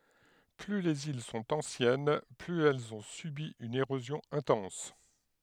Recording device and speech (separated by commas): headset microphone, read sentence